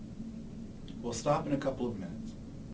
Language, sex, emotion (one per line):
English
male
neutral